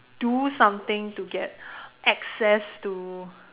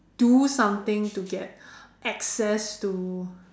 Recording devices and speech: telephone, standing microphone, conversation in separate rooms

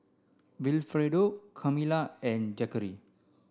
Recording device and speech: standing microphone (AKG C214), read sentence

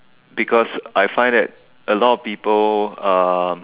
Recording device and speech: telephone, conversation in separate rooms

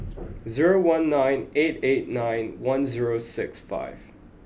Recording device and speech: boundary microphone (BM630), read sentence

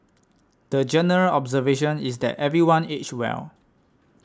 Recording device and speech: standing microphone (AKG C214), read sentence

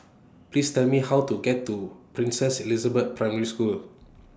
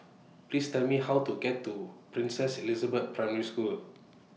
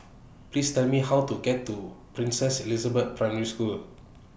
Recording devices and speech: standing microphone (AKG C214), mobile phone (iPhone 6), boundary microphone (BM630), read sentence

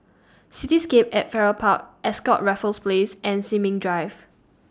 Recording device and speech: standing microphone (AKG C214), read sentence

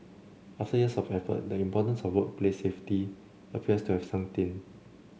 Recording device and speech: mobile phone (Samsung C7), read sentence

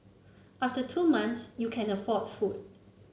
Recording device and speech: mobile phone (Samsung C9), read sentence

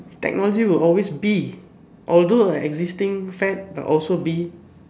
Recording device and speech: standing microphone, conversation in separate rooms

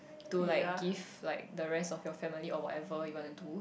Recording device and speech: boundary microphone, conversation in the same room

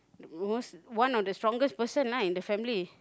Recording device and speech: close-talking microphone, conversation in the same room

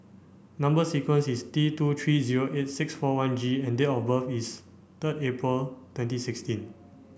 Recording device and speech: boundary microphone (BM630), read sentence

